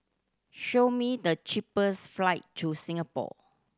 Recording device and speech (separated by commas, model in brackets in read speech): standing microphone (AKG C214), read sentence